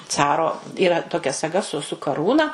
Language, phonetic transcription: Lithuanian, ˈcaro yˈra toˈkia saˈga su su kaˈrūna

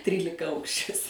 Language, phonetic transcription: Lithuanian, ˈtrylikaˌaukšis

